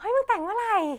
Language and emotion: Thai, happy